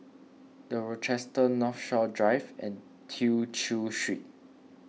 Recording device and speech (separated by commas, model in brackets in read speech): mobile phone (iPhone 6), read sentence